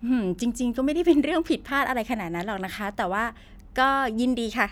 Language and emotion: Thai, happy